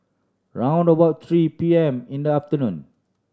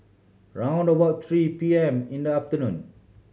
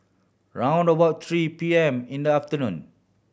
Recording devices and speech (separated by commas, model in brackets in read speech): standing microphone (AKG C214), mobile phone (Samsung C7100), boundary microphone (BM630), read sentence